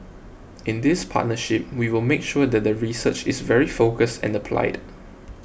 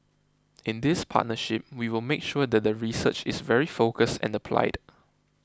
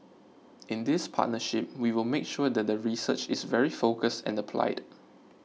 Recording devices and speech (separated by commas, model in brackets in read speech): boundary microphone (BM630), close-talking microphone (WH20), mobile phone (iPhone 6), read sentence